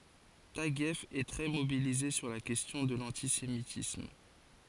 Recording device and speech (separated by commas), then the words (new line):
forehead accelerometer, read sentence
Taguieff est très mobilisé sur la question de l’antisémitisme.